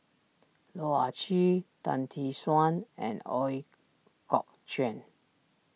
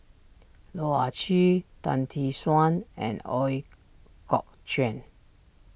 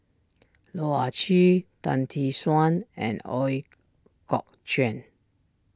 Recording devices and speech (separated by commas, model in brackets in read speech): mobile phone (iPhone 6), boundary microphone (BM630), standing microphone (AKG C214), read sentence